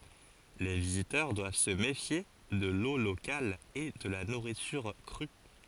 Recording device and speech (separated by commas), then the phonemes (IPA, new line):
forehead accelerometer, read sentence
le vizitœʁ dwav sə mefje də lo lokal e də la nuʁityʁ kʁy